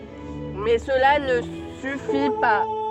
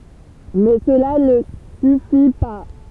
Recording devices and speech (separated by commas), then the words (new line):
soft in-ear microphone, temple vibration pickup, read sentence
Mais cela ne suffit pas.